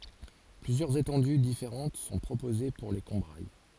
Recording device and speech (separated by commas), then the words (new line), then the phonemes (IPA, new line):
forehead accelerometer, read sentence
Plusieurs étendues différentes sont proposées pour les Combrailles.
plyzjœʁz etɑ̃dy difeʁɑ̃t sɔ̃ pʁopoze puʁ le kɔ̃bʁaj